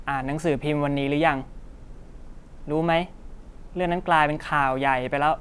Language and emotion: Thai, frustrated